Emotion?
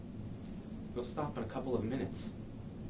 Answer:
neutral